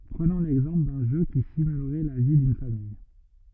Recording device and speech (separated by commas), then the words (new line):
rigid in-ear microphone, read sentence
Prenons l'exemple d'un jeu qui simulerait la vie d'une famille.